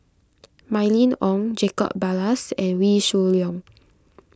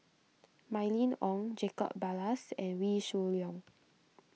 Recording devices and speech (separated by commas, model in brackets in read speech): close-talking microphone (WH20), mobile phone (iPhone 6), read sentence